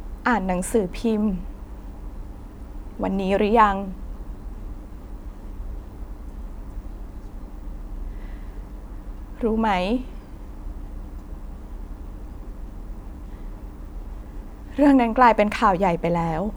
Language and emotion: Thai, sad